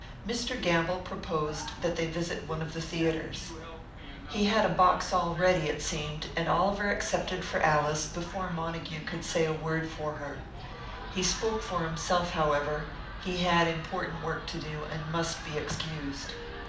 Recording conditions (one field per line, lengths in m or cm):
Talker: one person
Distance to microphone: 2.0 m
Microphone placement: close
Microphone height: 99 cm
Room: medium-sized (5.7 m by 4.0 m)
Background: television